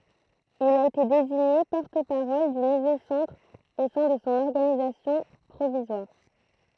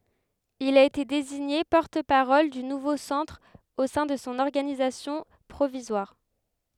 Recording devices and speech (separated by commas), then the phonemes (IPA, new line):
throat microphone, headset microphone, read sentence
il a ete deziɲe pɔʁt paʁɔl dy nuvo sɑ̃tʁ o sɛ̃ də sɔ̃ ɔʁɡanizasjɔ̃ pʁovizwaʁ